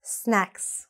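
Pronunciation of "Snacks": In 'snacks', the first part carries a little more stress, and the word ends in an x sound.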